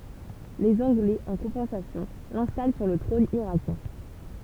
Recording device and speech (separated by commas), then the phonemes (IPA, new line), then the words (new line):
temple vibration pickup, read sentence
lez ɑ̃ɡlɛz ɑ̃ kɔ̃pɑ̃sasjɔ̃ lɛ̃stal syʁ lə tʁɔ̃n iʁakjɛ̃
Les Anglais, en compensation, l'installent sur le trône irakien.